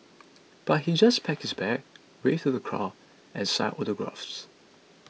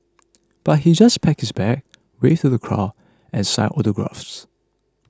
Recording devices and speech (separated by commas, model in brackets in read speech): mobile phone (iPhone 6), close-talking microphone (WH20), read sentence